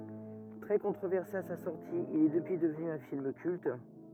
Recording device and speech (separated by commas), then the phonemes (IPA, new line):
rigid in-ear microphone, read sentence
tʁɛ kɔ̃tʁovɛʁse a sa sɔʁti il ɛ dəpyi dəvny œ̃ film kylt